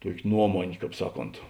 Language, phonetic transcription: Lithuanian, ˈtuokė ˈnuomonė ˈkāp ˈsaˌkont

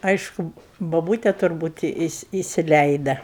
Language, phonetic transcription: Lithuanian, ˈaišku boˈbūte turˈbūt isi isiˈleida

